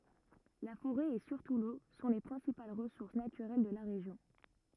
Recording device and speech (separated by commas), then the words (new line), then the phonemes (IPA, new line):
rigid in-ear microphone, read sentence
La forêt, et surtout l’eau, sont les principales ressources naturelles de la région.
la foʁɛ e syʁtu lo sɔ̃ le pʁɛ̃sipal ʁəsuʁs natyʁɛl də la ʁeʒjɔ̃